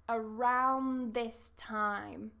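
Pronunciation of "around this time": In 'around', the d is not pronounced.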